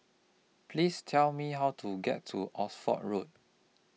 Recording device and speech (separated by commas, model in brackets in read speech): mobile phone (iPhone 6), read sentence